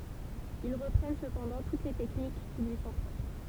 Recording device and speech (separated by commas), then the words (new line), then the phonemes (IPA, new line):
temple vibration pickup, read sentence
Ils reprennent cependant toutes les techniques qui lui sont propres.
il ʁəpʁɛn səpɑ̃dɑ̃ tut le tɛknik ki lyi sɔ̃ pʁɔpʁ